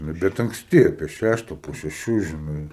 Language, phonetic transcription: Lithuanian, ˈnu bet ankˈsti ˈapie ˈšæšta po šeˈšių žiˈnai

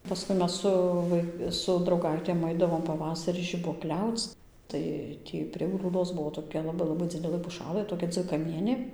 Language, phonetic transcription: Lithuanian, paˈskui ˈmes ˈsu vai su drauˈgaitėm ˈaidavom paˈvasarį žibuoˈkliauc ˈtai ˈtį prie grūˈdos ˈbuo toˈkia laˈbai laˈbai ˈdzidelɘ puˈšalɘ toˈkia dzvikaˈmienė

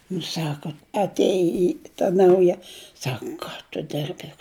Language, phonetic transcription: Lithuanian, nu ˈsaka atˈėji ta ˈnauja ˈsak ˈką tu ˈdirbi

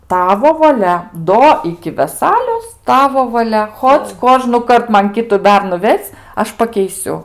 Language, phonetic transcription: Lithuanian, ˈtavo vaˈlia ˈdo iki veˈsalios ˈtavo vaˈlia ˈchoc ˈkožnukart ˈman ˈkitu ˈbernu ˈves' ˈaš pakeiˈsiu

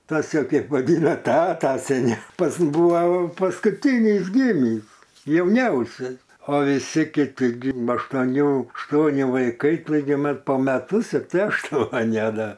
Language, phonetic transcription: Lithuanian, ˈtas ˈjau ˈkeip vaˈdyna ˈtata seˈniau ˈpas ˈbuvo paskuˈtynys ˈgimįs jauˈniausias o viˈsi kiˈti gim aštoˈnių ašˈtuoni vaiˈkai taiˈgi ˈmat po meˈtus ir ˈtai ašˈtuoni a ˈda

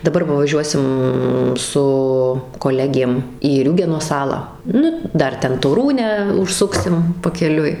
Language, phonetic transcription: Lithuanian, daˈbar va vaˈžiuosim su koˈlegėm į ˈriūgeno ˈsalą ˈnu ˈdar ˈten toˈrūnę užˈsuksim pakeˈliui

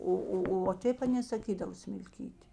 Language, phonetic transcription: Lithuanian, ˈo ˈo o va ˈtėp aˈnė saˈkydavo smilˈkyti

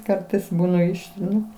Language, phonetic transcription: Lithuanian, ˈkartais ˈbūna ˈištrinu

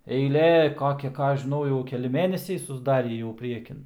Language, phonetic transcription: Lithuanian, eiˈlė ˈkokia ˈką ˈaš žiˈnau jau keˈli ˈmėnesiai susˈdarį jau ˈpriekin

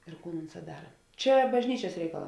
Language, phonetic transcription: Lithuanian, ir ˈkūn ˈunˌsā ˈdara ˈčia bažˈnyčias ˈreikaˌlā

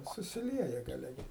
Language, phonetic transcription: Lithuanian, susiˈlieja gaˈle ˈgi

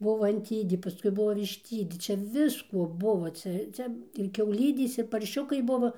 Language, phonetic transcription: Lithuanian, ˈbuvo anˈtydė paˈskui ˈbuvo višˈtydė ˈčia ˈvisko ˈbuvo ˈcia ˈcia ir kiauˈlydės ir parˈšiukai ˈbuvo

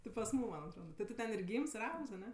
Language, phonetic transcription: Lithuanian, ti pas ˈmūm ˈman' atˈroda ti ˈtu ten ir ˈgyms ir ˈaugs aˈne

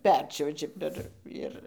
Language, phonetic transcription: Lithuanian, ˈperčiuoži per ˈir

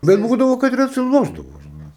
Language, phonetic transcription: Lithuanian, bet ˈbūdavo kad ir atsiˈlošdavo žiˈnai

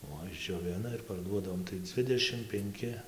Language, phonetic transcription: Lithuanian, ˈo išdžioˈvina ir parˈduodavom tai ˈdzvidešim penˈki

